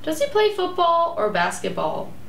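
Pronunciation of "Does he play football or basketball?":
The question 'Does he play football or basketball?' is said with a rising and falling intonation.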